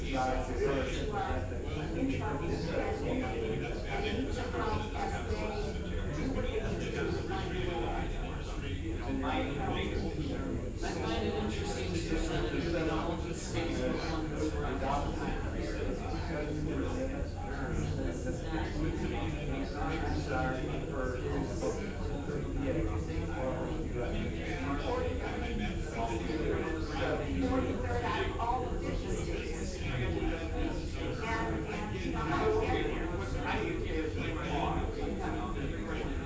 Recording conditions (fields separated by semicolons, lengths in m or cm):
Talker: no one; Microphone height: 2.4 m; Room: large; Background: babble